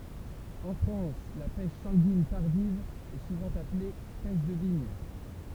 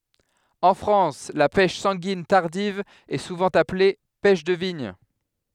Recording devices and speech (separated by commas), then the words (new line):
temple vibration pickup, headset microphone, read sentence
En France, la pêche sanguine tardive est souvent appelée pêche de vigne.